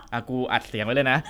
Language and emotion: Thai, neutral